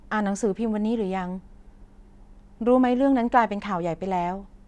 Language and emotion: Thai, neutral